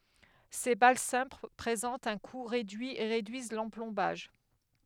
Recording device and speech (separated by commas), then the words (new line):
headset microphone, read sentence
Ces balles simples présentent un coût réduit et réduisent l'emplombage.